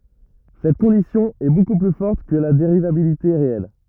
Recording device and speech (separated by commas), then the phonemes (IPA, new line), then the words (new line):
rigid in-ear microphone, read sentence
sɛt kɔ̃disjɔ̃ ɛ boku ply fɔʁt kə la deʁivabilite ʁeɛl
Cette condition est beaucoup plus forte que la dérivabilité réelle.